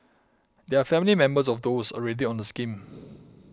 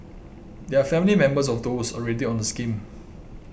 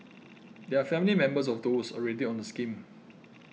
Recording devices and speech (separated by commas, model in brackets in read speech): close-talking microphone (WH20), boundary microphone (BM630), mobile phone (iPhone 6), read sentence